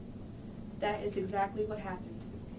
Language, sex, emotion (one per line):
English
female
neutral